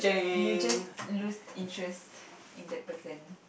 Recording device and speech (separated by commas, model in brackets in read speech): boundary microphone, conversation in the same room